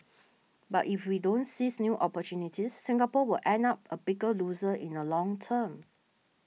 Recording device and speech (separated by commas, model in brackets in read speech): mobile phone (iPhone 6), read sentence